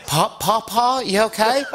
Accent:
Southern accent